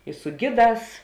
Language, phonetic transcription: Lithuanian, i su ˈgiˌdās

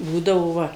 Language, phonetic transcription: Lithuanian, ˈbūdavo ˈva

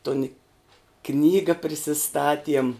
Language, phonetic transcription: Lithuanian, ton i ˈknyga prisiˈstatiem

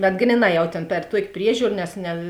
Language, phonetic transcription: Lithuanian, bet ˈgryˌnā ˈjau tėn per ˈtuok' ˈpriežiūr nes ne

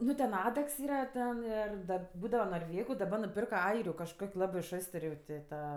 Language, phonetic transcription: Lithuanian, ˈnu ten ˈadaks ˈyra ˈten ˈir ˈda ˈbūdava norˈvėgu daˈba nuˈpirka ˈairiu kažˈkok' ˈlabɜ ˈšostər' jau ti ˈta

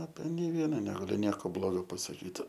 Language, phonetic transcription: Lithuanian, ape nei ˈviena negaˈliu ˈnieko ˈblogo pasaˈkyt

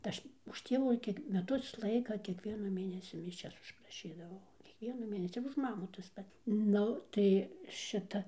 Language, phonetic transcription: Lithuanian, ta ˈaš už ˈtievų ˈkiek meˈtus ˈlaika kiekˈviena ˈmėnesi miˈšias užpraˈšydavau kiekˈvienu ˈmėnesi ir už ˈmamų tas ˈpat ˈnu ˈtai ˈšita

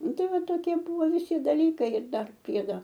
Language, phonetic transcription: Lithuanian, ˈnu ˈtai ˈva toˈkie ˈbuvo viˈsi daˈlykai ir ˈdar ˈpriedo

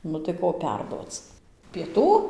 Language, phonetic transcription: Lithuanian, ˈnu tai ˈko ˈperduoc pieˈtų

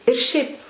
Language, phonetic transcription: Lithuanian, ir ˈšiaip

